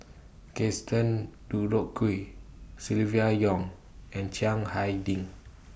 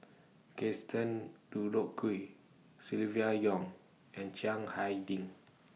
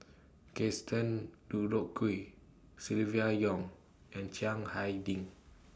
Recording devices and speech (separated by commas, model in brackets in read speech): boundary microphone (BM630), mobile phone (iPhone 6), standing microphone (AKG C214), read sentence